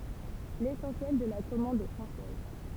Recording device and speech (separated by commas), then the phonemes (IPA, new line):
temple vibration pickup, read sentence
lesɑ̃sjɛl də la kɔmɑ̃d ɛ fʁɑ̃sɛz